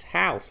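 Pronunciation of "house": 'House' is pronounced as the noun, ending in an s sound, not the z sound of the verb 'to house'.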